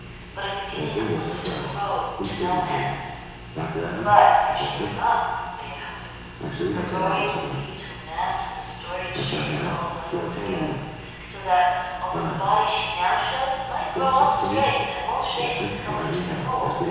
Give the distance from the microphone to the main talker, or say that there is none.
7.1 m.